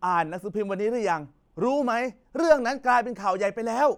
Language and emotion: Thai, angry